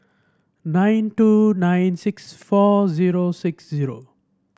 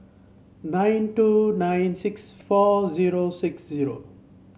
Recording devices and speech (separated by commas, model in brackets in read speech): standing microphone (AKG C214), mobile phone (Samsung C7), read sentence